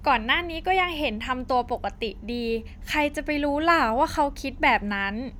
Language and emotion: Thai, neutral